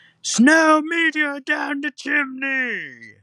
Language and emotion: English, fearful